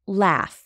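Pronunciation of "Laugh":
'Laugh' is said in an American accent.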